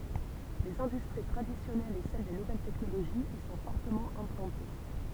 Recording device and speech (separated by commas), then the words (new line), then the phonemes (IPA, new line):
temple vibration pickup, read sentence
Les industries traditionnelles et celles des nouvelles technologies y sont fortement implantées.
lez ɛ̃dystʁi tʁadisjɔnɛlz e sɛl de nuvɛl tɛknoloʒiz i sɔ̃ fɔʁtəmɑ̃ ɛ̃plɑ̃te